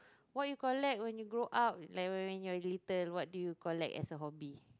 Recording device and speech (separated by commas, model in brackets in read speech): close-talking microphone, conversation in the same room